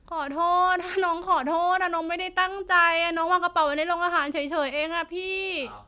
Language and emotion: Thai, sad